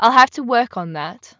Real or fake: real